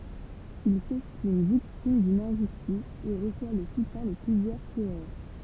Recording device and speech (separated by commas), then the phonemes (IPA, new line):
temple vibration pickup, read sentence
il sɛstim viktim dyn ɛ̃ʒystis e ʁəswa lə sutjɛ̃ də plyzjœʁ kuʁœʁ